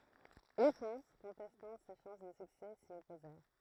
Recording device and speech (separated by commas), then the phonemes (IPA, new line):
throat microphone, read sentence
le pʁɛ̃s kɔ̃tɛstɑ̃ se ʃɑ̃s də syksɛ si ɔpozɛʁ